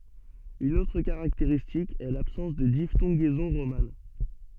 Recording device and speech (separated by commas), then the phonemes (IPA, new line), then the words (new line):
soft in-ear microphone, read sentence
yn otʁ kaʁakteʁistik ɛ labsɑ̃s də diftɔ̃ɡɛzɔ̃ ʁoman
Une autre caractéristique est l’absence de diphtongaison romane.